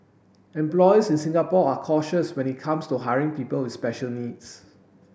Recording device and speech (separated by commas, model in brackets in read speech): boundary microphone (BM630), read sentence